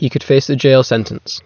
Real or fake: real